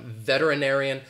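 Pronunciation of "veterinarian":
In 'veterinarian', said in an American way, the t is a flap t and sounds more like a d.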